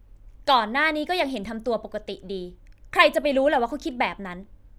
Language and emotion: Thai, angry